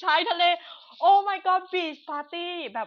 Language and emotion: Thai, happy